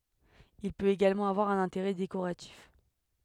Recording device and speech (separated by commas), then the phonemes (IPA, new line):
headset microphone, read sentence
il pøt eɡalmɑ̃ avwaʁ œ̃n ɛ̃teʁɛ dekoʁatif